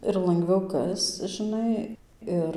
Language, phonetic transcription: Lithuanian, ir langˈviau ˈkasc žɨˈnai ˈir

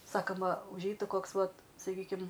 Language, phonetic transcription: Lithuanian, ˈsakama užˈeitu ˈkoks ˈvat saˈkykim

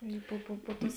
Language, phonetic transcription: Lithuanian, ˈi pu pu pu ˈtus

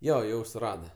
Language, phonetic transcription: Lithuanian, ˈjo ˈjau suˈrada

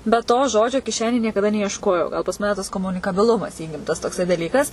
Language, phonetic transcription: Lithuanian, bet ˈto ˈžodžio kiˈšenėj niekaˈda neiešˈkojau gal pas ˈmane tas komunikaˈbilumas ˈįgimtas tokˈsai daˈlykas

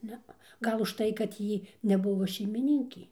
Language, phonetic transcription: Lithuanian, ˈnea ˈgal užˈtai kad ˈjy neˈbuvo šeimiˈninkė

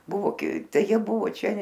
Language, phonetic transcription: Lithuanian, ˈbuvo ˈtai ˈjie ˈbuvo ˈčia

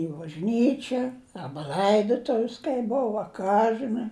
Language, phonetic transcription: Lithuanian, i bažˈnyčia ˈaba laidotuv's kai ˈbov a ˈką žɨˈnai

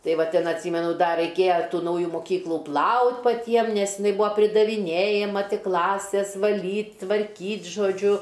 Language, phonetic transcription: Lithuanian, ˈtai ˈva ˈtin atˈsymenu ˈda raiˈkėja ˈtų ˈnauju moˈkyklu ˈplaut' paˈtiem nes iˈnai ˈbūa pridaviˈnėjama ˈtik ˈklasės vaˈlyt' tvarˈkyt' žoˈdžiu

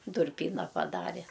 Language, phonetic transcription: Lithuanian, durˈpyna paˈdare

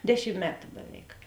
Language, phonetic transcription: Lithuanian, ˈdeˌšim ˈmetu beˈveik

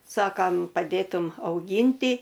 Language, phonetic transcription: Lithuanian, ˈsakam paˈdėtum auˈgynti

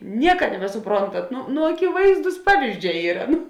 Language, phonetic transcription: Lithuanian, ˈnieka nebesuˈprontat ˈnu nu akiˈvaizdūs ˈpavyzˌdžē ˈyra ˈnu

